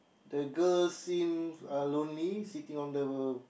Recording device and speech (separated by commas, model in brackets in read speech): boundary microphone, conversation in the same room